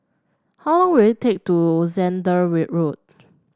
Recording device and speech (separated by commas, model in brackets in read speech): standing microphone (AKG C214), read sentence